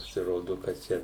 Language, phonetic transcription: Lithuanian, pasiˈrodu kad ˈčia

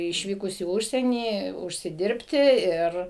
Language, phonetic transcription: Lithuanian, išˈvykus į ˈužsienį užsiˈdirbti ˈir

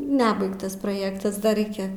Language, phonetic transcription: Lithuanian, ˈnebaigtas proˈjėktas da ˈreikia

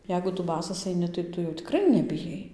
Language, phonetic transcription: Lithuanian, ˈjeigu ˈtu ˈbasas aiˈni tai ˈtu jau tiˈkrai nebiˈjai

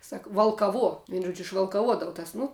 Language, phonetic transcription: Lithuanian, ˈsak valkaˈvuo ˈvien ˈžuodžiu išvalkaˈvuodavu tas ˈnu

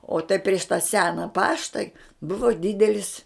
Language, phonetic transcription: Lithuanian, o tai prieš ta ˈsena ˈpašta ˈbuvo ˈdidelis

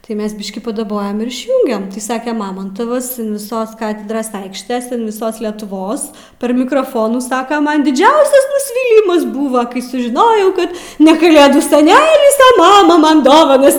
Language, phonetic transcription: Lithuanian, tai ˈmes ˈbiškį padaˈbojam ir išˈjūngem tai ˈsake ˈmamantavas an viˈsos ˈkatedros ˈaikštės an viˈsos letuˈvos per mikroˈfonų ˈsaka ˈman diˈdžiausias nusˈvylimas ˈbuva kai sužiˈnojau ˈkad ne kaˈlėdų seˈnelis a ˈmama ˈman ˈdovanas

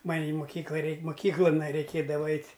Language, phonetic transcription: Lithuanian, ˈman' i moˈkykla ˈreik moˈkyklan raiˈkėdava ˈeit'

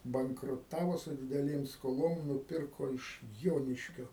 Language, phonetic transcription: Lithuanian, bankruˈtavo su dideˈlėm skoˈlom nuˈpirko iš ˈjoniškio

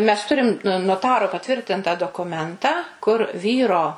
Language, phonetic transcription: Lithuanian, mes ˈturim noˈtaro paˈtvirtinta dokuˈmentą kur ˈvyro

